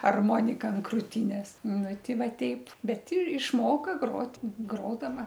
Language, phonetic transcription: Lithuanian, arˈmonika an krūˈtynės ˈnu ˈti ˈva ˈteip bet i išˈmoka ˈgrot' ˈgrodava

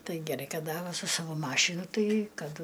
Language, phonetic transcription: Lithuanian, ˈtai geˈrai ˈkad ˈda ˈva su ˈsavo ˈmašinu ˈtai ˈkad

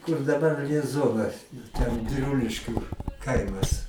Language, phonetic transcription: Lithuanian, kur daˈbar lieˈzonas ir ten biˈruliškių ˈkaimas

